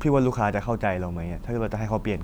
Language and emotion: Thai, frustrated